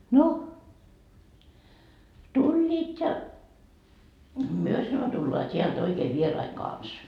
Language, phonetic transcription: Finnish, no , 'tuĺĺiit ja , » 'myö » sano » tullaa 't́iäl't ‿oikee 'vierai 'kans » .
- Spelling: no tulivat ja me sanoi tullaan täältä oikein vieraiden kanssa

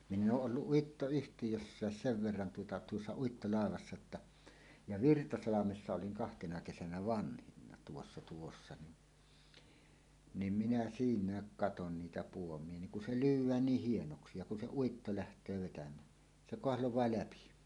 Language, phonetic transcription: Finnish, 'minn ‿ooˀ 'ˀolluˀ "ˀIitto₍yhtijössääs "sev 'verran tuota "tuossa 'uittolàe-vassa ‿tta , ja "Virtasalamessa 'oliŋ 'kahtena kesänä "vanhinna tuossa tuossa ni , nim minä "siiǹääk "katon 'niitä 'puom̀ie niŋ kun se "lyyw̆wään 'niih 'hienoksi ja kun se "uitto 'läht̀öö vetäm̀ää , 'se "koahloẁaa "läpi .
- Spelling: minä olen ollut Uittoyhtiössäkin sen verran tuota tuossa uittolaivassa jotta ja Virtasalmessa olin kahtena kesänä vanhimpana tuossa tuossa niin niin minä siinäkin katsoin niitä puomeja niin kun se lyödään niin hienoksi ja kun se uitto lähtee vetämään se kahlaa läpi

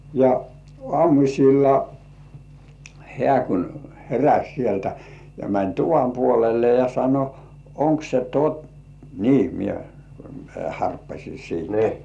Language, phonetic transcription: Finnish, ja "ŏàmuśilla , hĕä̀ kun 'heräs̜ sieltä ja mäń "tuvam 'puolelle ja sano , » 'oŋk se "tott- - « nii 'mie , mie "harppaśi siintä .
- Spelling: ja aamulla hän kun heräsi sieltä ja meni tuvan puolelle ja sanoi onko se - niin minä minä harppasin siitä

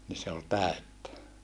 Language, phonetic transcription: Finnish, ni se ol tä̀öttä .
- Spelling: niin se oli täyttä

